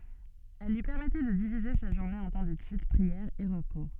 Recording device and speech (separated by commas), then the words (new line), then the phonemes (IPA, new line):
soft in-ear microphone, read sentence
Elles lui permettaient de diviser sa journée en temps d'étude, prière et repos.
ɛl lyi pɛʁmɛtɛ də divize sa ʒuʁne ɑ̃ tɑ̃ detyd pʁiɛʁ e ʁəpo